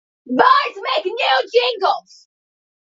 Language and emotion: English, angry